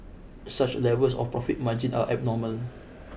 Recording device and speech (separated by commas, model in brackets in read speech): boundary microphone (BM630), read sentence